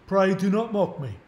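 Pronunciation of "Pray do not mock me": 'Pray do not mock me' is said in a Cockney accent.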